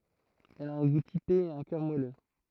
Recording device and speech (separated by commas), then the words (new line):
throat microphone, read sentence
Elle a un goût typé et un cœur moelleux.